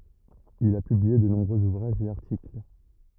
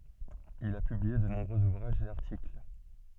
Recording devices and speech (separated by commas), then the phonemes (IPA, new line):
rigid in-ear microphone, soft in-ear microphone, read sentence
il a pyblie də nɔ̃bʁøz uvʁaʒz e aʁtikl